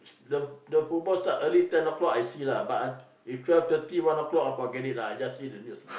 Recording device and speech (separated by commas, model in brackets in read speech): boundary microphone, conversation in the same room